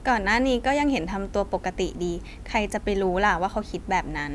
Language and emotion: Thai, neutral